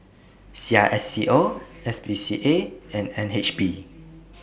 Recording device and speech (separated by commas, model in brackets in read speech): boundary microphone (BM630), read sentence